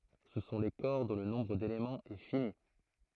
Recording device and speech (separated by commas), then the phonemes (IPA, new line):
throat microphone, read sentence
sə sɔ̃ le kɔʁ dɔ̃ lə nɔ̃bʁ delemɑ̃z ɛ fini